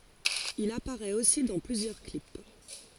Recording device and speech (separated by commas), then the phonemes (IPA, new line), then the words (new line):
forehead accelerometer, read sentence
il apaʁɛt osi dɑ̃ plyzjœʁ klip
Il apparaît aussi dans plusieurs clips.